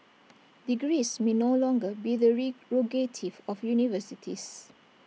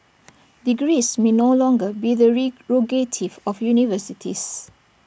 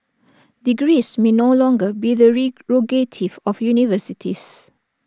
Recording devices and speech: mobile phone (iPhone 6), boundary microphone (BM630), standing microphone (AKG C214), read sentence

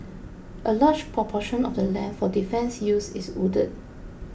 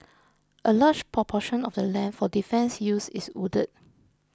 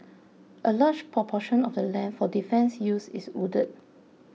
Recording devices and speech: boundary microphone (BM630), close-talking microphone (WH20), mobile phone (iPhone 6), read sentence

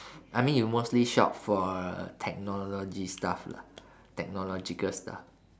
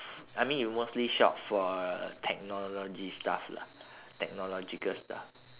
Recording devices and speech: standing microphone, telephone, conversation in separate rooms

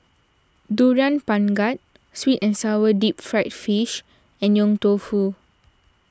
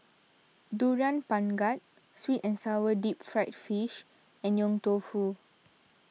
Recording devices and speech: standing microphone (AKG C214), mobile phone (iPhone 6), read sentence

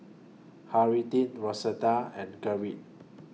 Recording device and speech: mobile phone (iPhone 6), read sentence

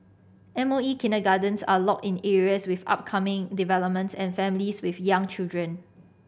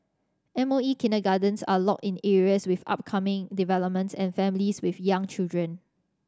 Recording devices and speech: boundary microphone (BM630), standing microphone (AKG C214), read sentence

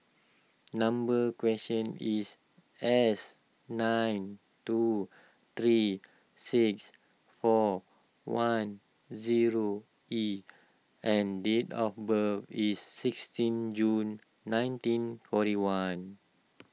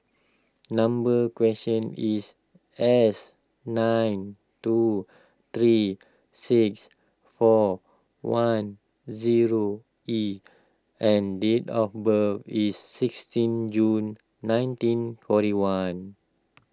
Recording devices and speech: mobile phone (iPhone 6), close-talking microphone (WH20), read sentence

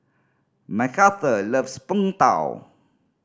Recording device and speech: standing microphone (AKG C214), read sentence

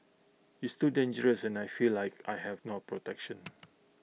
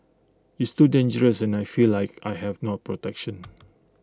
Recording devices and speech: mobile phone (iPhone 6), close-talking microphone (WH20), read sentence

